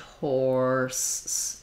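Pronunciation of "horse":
'Horse' has the 'or' sound with a strong American R, and it ends in an s sound, not a z sound.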